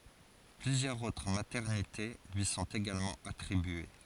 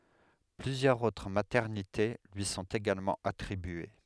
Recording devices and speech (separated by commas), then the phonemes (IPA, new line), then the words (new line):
forehead accelerometer, headset microphone, read sentence
plyzjœʁz otʁ matɛʁnite lyi sɔ̃t eɡalmɑ̃ atʁibye
Plusieurs autres maternités lui sont également attribuées.